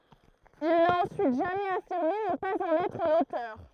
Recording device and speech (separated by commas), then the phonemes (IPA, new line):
throat microphone, read sentence
il na ɑ̃syit ʒamɛz afiʁme nə paz ɑ̃n ɛtʁ lotœʁ